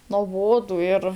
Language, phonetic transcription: Lithuanian, noˈbodu ir

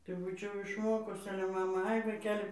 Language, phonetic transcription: Lithuanian, tai ˈbūčiau išˈmokus ˈale ˈmama ˈai vaiˈkeli

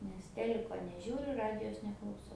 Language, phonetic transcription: Lithuanian, nes ˈteliko neˈžiūriu ˈradijos neklauˈsau

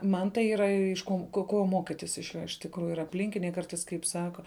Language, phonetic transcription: Lithuanian, ˈman tai ˈyra iš ˈkon ˈko ˈko ˈmokytis iš ˈjo iš tikˈrųju ir apˈlinkiniai ˈkartais kaip ˈsaka

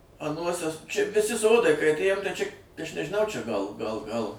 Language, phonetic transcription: Lithuanian, aˈnuose čia viˈsi ˈsodai kai atˈėjom tai čia aš nežiˈnau čia gal gal gal

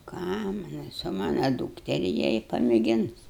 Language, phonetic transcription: Lithuanian, ˈką ˈmanau su ˈmana ˈdūkteri ˈjie i pamėˈgins

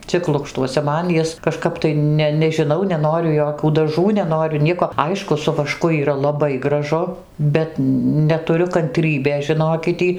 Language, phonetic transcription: Lithuanian, ˈcik ˈlukštuose ˈman ˈjis kažˈkap tai ˈne nežiˈnau neˈnoriu ˈjokių daˈžų neˈnoriu ˈnieko ˈaišku su vaˈšku yˈra laˈbai graˈžu ˈbet netuˈriu kanˈtrybės žiˈnokit ˈtį

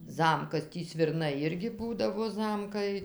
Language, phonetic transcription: Lithuanian, ˈzamkas ˈtį svirˈnai ˈirgi ˈbūdavo ˈzamkai

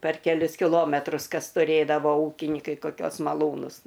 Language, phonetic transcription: Lithuanian, per keˈlius kiˈlometrus ˈkas tuˈrėdavo ˈūkinikai koˈkiuos maˈlūnus

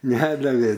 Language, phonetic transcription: Lithuanian, ˈnedavė

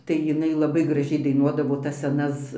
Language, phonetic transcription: Lithuanian, tai jiˈnai laˈbai graˈžiai daiˈnuodavo tas seˈnas

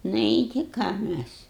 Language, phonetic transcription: Lithuanian, ˈnu i ˈti ˈką ˈmæs

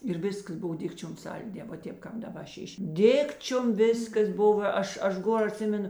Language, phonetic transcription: Lithuanian, ir ˈviskas ˈbuv ˈdikčiom ˈsalˌdė va ˈtėp ˈkāp daˈba ˈšiš' ˈdikčiom ˈvėskas ˈbuva ˈaš ˈaš ˈgor aˈtsimenu

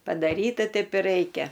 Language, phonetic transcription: Lithuanian, padaˈryta ˈteip i ˈraikia

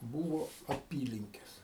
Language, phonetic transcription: Lithuanian, ˈbūvo aˈpylinkes

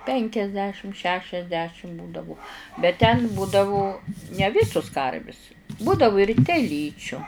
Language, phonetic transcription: Lithuanian, ˈpenkiasdešim ˈšešiasdešim ˈbūdavu bet ten ˈbūdavu ne ˈvisus ˈkarvis ˈbūdavu ir teˈlyčiu

